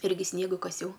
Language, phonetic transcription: Lithuanian, ˈirgi ˈsniega kaˈsiau

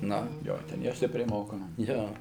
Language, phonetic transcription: Lithuanian, ˈnu ˈjo ˈten jau ˈstipriai ˈmokoma ˈjo

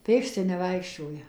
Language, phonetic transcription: Lithuanian, ˈpėksti neˈvaikščioja

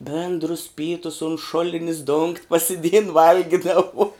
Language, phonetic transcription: Lithuanian, ˈbėndrus ˈpytus un ˈšulinis dungt' pasiˈdėjin ˈvalgidavu

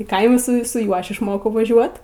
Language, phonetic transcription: Lithuanian, i ˈkaimu ˈsu su ˈjuo ˈaš išˈmokau vaˈžiuot

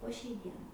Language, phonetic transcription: Lithuanian, po šiai ˈdienai

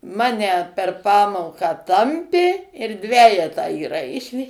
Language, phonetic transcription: Lithuanian, ˈmane per ˈpamoką ˈtampė ir ˈdvejetą įˈraišė

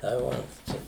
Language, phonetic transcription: Lithuanian, tai ˈvat ˈčia

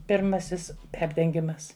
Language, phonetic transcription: Lithuanian, pirˈmasis ˈperdengimas

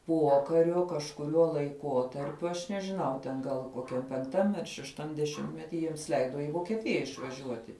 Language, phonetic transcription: Lithuanian, ˈpuokariu kažkuˈriuo laiˈkuotarpiu aš nežiˈnau ten gal koˈkiam penkˈtam ar šešˈtam deˈšimtmeti ˈjiems ˈleido i vokieˈtija išvaˈžiuoti

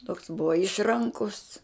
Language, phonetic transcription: Lithuanian, toks ˈbuva ˈišˈrankus

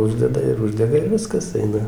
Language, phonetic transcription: Lithuanian, ˈuždeda ir ˈuždega ir ˈviskas ˈaina

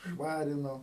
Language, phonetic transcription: Lithuanian, ˈšvarino

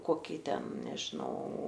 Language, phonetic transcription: Lithuanian, ˈkokį ˈten nežiˈnau

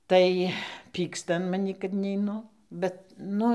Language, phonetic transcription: Lithuanian, ˈtai ˈpyksta an maˈnį kad neiˈnu ˈbet ˈnu

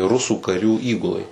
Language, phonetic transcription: Lithuanian, ˈrusų kaˈrių ˈįgulai

